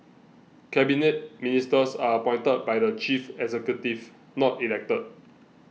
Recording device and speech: mobile phone (iPhone 6), read sentence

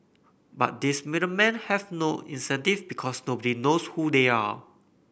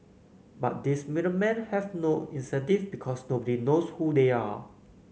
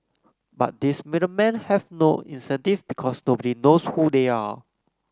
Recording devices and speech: boundary microphone (BM630), mobile phone (Samsung C9), close-talking microphone (WH30), read sentence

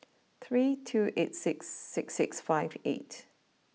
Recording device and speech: mobile phone (iPhone 6), read sentence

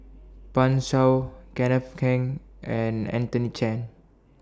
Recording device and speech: standing microphone (AKG C214), read sentence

